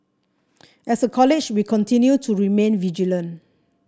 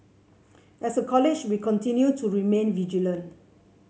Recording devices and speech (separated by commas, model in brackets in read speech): standing microphone (AKG C214), mobile phone (Samsung C7), read sentence